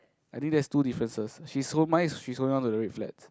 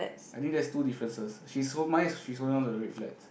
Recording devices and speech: close-talking microphone, boundary microphone, conversation in the same room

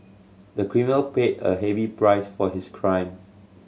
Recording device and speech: mobile phone (Samsung C7100), read sentence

